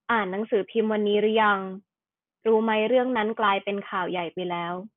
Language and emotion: Thai, neutral